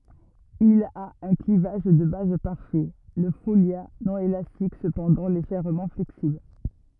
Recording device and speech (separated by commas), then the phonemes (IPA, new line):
rigid in-ear microphone, read sentence
il a œ̃ klivaʒ də baz paʁfɛ lə folja nɔ̃ elastik səpɑ̃dɑ̃ leʒɛʁmɑ̃ flɛksibl